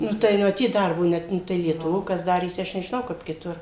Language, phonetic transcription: Lithuanian, ˈnu tai maˈtyt ˈdarbo ˈnet ˈnu tai lietuˈvo ˈkas ˈdarėsi ˈaš nežiˈnau ˈkap kiˈtur

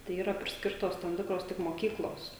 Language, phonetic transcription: Lithuanian, tai ˈyra prisˈkirtos tam ˈtikros tik moˈkyklos

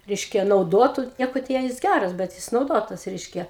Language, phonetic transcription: Lithuanian, ˈreiškia nauˈdotu ˈnieko ten jis ˈgæras bet ˈjis nauˈdotas ˈreiškia

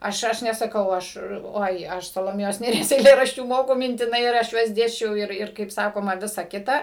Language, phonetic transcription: Lithuanian, ˈaš ˈaš nesaˈkau ˈaš ˈoi ˈaš saloˈmėjos nėˈries eiˈlėraščių ˈmoku mintiˈnai ir ˈaš ˈjuos ˈdėsčiau ˈir ˈir kaip ˈsakoma ˈvisa ˈkita

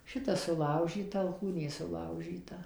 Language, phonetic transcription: Lithuanian, ˈšita suˈlaužyta alˈkūnė suˈlaužyta

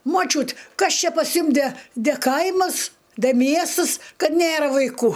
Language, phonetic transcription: Lithuanian, moˈčiūt ˈkas ˈčia pas ˈjum de de ˈkaimas de ˈmiestɨs ˈkad ˈnėra vaiˈkų

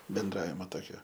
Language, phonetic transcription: Lithuanian, benˈdravima ˈtokio

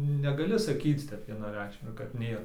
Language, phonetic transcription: Lithuanian, negaˈli saˈkyc ˈtep vienaˈreikšmiai kad ˈnėr

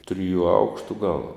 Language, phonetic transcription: Lithuanian, ˈtriju ˈaukštu gal

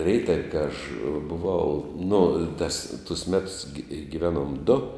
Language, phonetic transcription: Lithuanian, ˈreitav' ka aš buˈvau nu tas tus ˈmetus gi giˈvenuom du

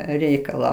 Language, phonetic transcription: Lithuanian, ˈreikalą

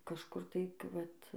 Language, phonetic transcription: Lithuanian, kažˈkur tai k ˈvat

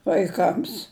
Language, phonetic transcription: Lithuanian, vaiˈkams

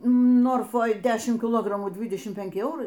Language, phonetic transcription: Lithuanian, ˈnorfoj ˈdešim kiˈlogramų ˈdvydešim peˈnki ˈeurai

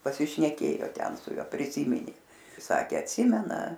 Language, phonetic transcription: Lithuanian, pasišneˈkėjo ˈten su ˈjuo priˈsyminė ˈsakė atˈsimena

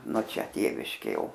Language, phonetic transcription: Lithuanian, no ˈčia ˈtėviškė ˈjau

